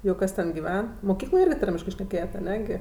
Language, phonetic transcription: Lithuanian, jau ˈkas ten giˈven moˈkykloj ˈirgi ˈtarmiškɜ šneˈkėjet aˈne gi

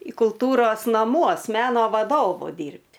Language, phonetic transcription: Lithuanian, į kulˈtūros namˈuos ˈmeno vaˈdovu ˈdyrbt'

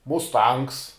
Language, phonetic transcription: Lithuanian, musˈtangs

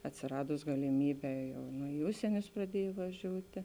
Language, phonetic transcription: Lithuanian, atsiˈradus galiˈmyˌbē ˈjau nu i ˈužsienius praˈdiej vaˈžiūti

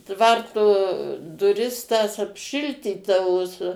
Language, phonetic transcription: Lithuanian, ˈtvarto duˈris tas apˈšiltytavo su

